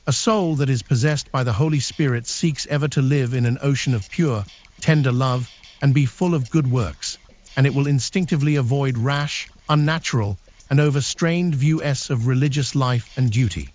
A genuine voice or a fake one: fake